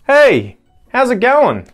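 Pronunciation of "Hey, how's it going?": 'How's it going' is said really fast, and the little word 'it' is still heard in it.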